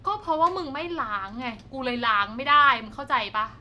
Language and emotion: Thai, frustrated